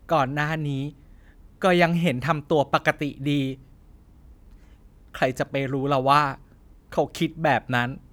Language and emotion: Thai, sad